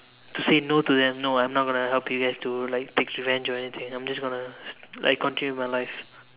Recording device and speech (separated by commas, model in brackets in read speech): telephone, conversation in separate rooms